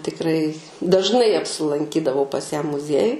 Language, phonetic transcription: Lithuanian, tikˈrai dažˈnai apsilanˈkydavau pas ją muˈziejuj

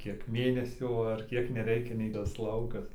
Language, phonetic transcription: Lithuanian, ˈkiek ˈmėnesių ar ˈkiek neˈreikia nei tas ˈlaukas

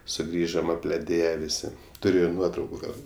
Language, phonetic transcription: Lithuanian, suˈgrįžom apleˈdėje ˈvisi ˈturiu ir ˈnuotrauku ˈgal

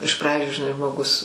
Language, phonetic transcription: Lithuanian, iš ˈpradžiu žiˈnai žmoˈgus

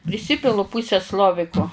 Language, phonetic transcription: Lithuanian, priˈsipilu ˈpuseˈsloviko

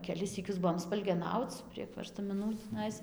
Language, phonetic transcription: Lithuanian, keˈlis syˈkius ˈbuvom spalgeˈnauc prieg verstamiˈnų tįˈnais

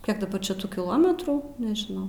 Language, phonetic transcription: Lithuanian, ˈkiek daˈbar čia ˈtų kiˈlometrų nežiˈnau

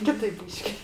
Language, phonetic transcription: Lithuanian, ˈkitaip ˈbyški

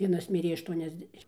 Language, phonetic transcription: Lithuanian, ˈvienas ˈmirė aštuoniasˈdešim

